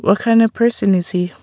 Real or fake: real